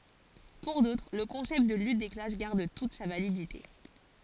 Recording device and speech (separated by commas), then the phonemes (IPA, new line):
forehead accelerometer, read sentence
puʁ dotʁ lə kɔ̃sɛpt də lyt de klas ɡaʁd tut sa validite